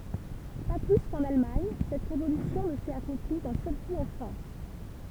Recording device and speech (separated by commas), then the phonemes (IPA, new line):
temple vibration pickup, read sentence
pa ply kɑ̃n almaɲ sɛt ʁevolysjɔ̃ nə sɛt akɔ̃pli dœ̃ sœl ku ɑ̃ fʁɑ̃s